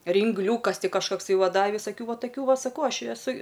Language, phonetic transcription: Lithuanian, ringˈliūkas ˈti kažkakˈsai ˈva ˈda visaˈkių ˈva taˈkių ˈva ˈsaˈkau ˈaš i eˈsu

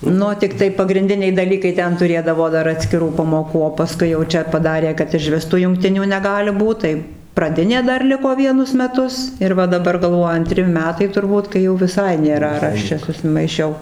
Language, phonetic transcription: Lithuanian, ˈnu tikˈtai pagrinˈdiniai daˈlykai ˈten tuˈrėdavo ˈdar atskiˈrų pamoˈkų o paˈskui jau ˈčia paˈdarė kad ižˈvis tų jungˈtinių neˈgali ˈbūt tai praˈdinė dar ˈliko ˈvienus meˈtus ir ˈva daˈbar galˈvoju anˈtri ˈmetai turˈbūt kai jau viˈsai nėˈra ar ˈaš čia susimaiˈšiau

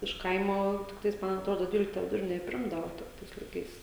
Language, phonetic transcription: Lithuanian, iš ˈkaimo tikˈtais ˈman atˈrodo ˈdvylikta viduˈrinė i ˈprimdavo ˈtais laiˈkais

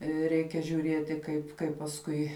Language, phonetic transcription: Lithuanian, ˈreikia žiuˈrieti ˈkaip ˈkaip pasˈkui

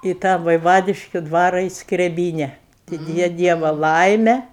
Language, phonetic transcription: Lithuanian, į ˈtą vaiˈvadiškiu ˈdvara į skreˈbyne tik ˈja ˈdieva ˈlaime

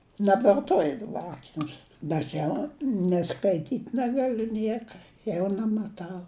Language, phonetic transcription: Lithuanian, nebvarˈtoji daˈba ˈakinius bet ˈjau ni skaiˈtyt' negaˈliu ˈnieka ˈjau næmaˈtau

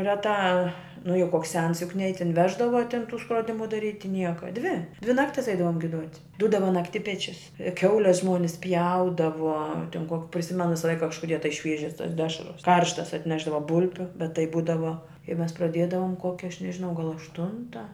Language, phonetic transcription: Lithuanian, reˈtā nu jau ˈkoks ˈsens juk nei ˈjį tin ˈveždava ˈtin ˈtų skroˈdimu daˈryti ˈnieka ˈdvi ˈdvi ˈnaktis ˈeidavom giˈduot' ˈdūdava nakˈtipečius ˈkiaules ˈžmuonis ˈpjaudavo tin ko priˈsimenu ˈvisa ˈlaika kažkuˈdie tai ˈšviežias tas ˈdešras ˈkarštas atˈnešdava ˈbulbiu bet ˈtai ˈbūdavo i ˈmes praˈdėdavom ˈkokia ˈaš nežiˈnau gal ašˈtunta

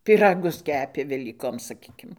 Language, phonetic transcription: Lithuanian, pyˈragus ˈkepė velyˈkom saˈkykim

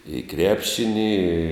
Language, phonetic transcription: Lithuanian, i ˈkrepšini i

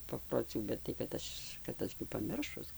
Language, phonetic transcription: Lithuanian, paproˈcių bet tai kad ˈaš kad ˈaš gi paˈmiršus

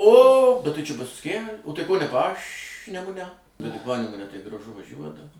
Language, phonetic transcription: Lithuanian, o bet ˈtai čia ˈbus kie o ˈtai ko ne ˈpaš'nemune bet tai ˈpanemune tai graˈžu vaˈžiuot

